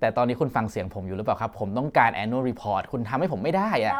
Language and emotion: Thai, frustrated